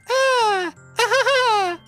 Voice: Falsetto